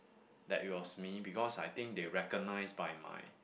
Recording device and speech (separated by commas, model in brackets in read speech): boundary microphone, conversation in the same room